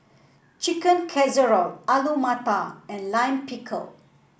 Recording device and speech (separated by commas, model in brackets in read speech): boundary microphone (BM630), read sentence